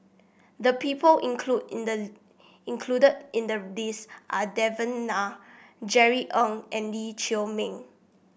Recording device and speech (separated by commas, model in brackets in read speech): boundary microphone (BM630), read sentence